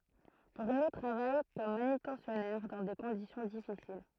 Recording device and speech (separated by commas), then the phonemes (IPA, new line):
throat microphone, read sentence
bʁyno tʁavaj kɔm manytɑ̃sjɔnɛʁ dɑ̃ de kɔ̃disjɔ̃ difisil